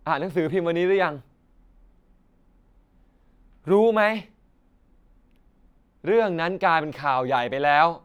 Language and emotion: Thai, frustrated